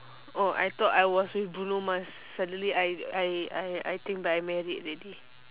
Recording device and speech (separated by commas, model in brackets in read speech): telephone, conversation in separate rooms